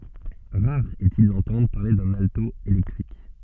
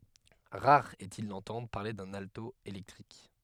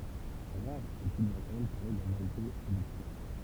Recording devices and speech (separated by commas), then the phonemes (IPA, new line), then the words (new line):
soft in-ear microphone, headset microphone, temple vibration pickup, read sentence
ʁaʁ ɛstil dɑ̃tɑ̃dʁ paʁle dœ̃n alto elɛktʁik
Rare est-il d'entendre parler d'un alto électrique.